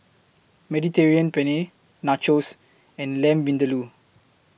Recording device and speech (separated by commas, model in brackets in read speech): boundary microphone (BM630), read sentence